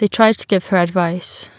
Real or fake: real